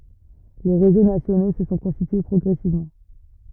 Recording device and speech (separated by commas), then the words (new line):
rigid in-ear microphone, read sentence
Les réseaux nationaux se sont constitués progressivement.